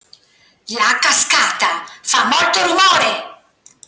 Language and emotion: Italian, angry